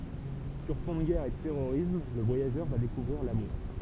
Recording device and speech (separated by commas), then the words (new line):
temple vibration pickup, read sentence
Sur fond de guerre et de terrorisme, le voyageur va découvrir l'amour.